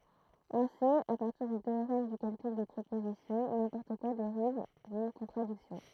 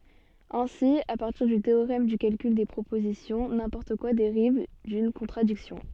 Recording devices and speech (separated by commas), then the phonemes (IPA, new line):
throat microphone, soft in-ear microphone, read sentence
ɛ̃si a paʁtiʁ dy teoʁɛm dy kalkyl de pʁopozisjɔ̃ nɛ̃pɔʁt kwa deʁiv dyn kɔ̃tʁadiksjɔ̃